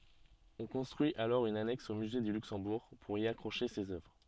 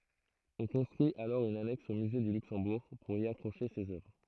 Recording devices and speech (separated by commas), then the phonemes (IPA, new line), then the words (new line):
soft in-ear microphone, throat microphone, read sentence
ɔ̃ kɔ̃stʁyi alɔʁ yn anɛks o myze dy lyksɑ̃buʁ puʁ i akʁoʃe sez œvʁ
On construit alors une annexe au musée du Luxembourg pour y accrocher ces œuvres.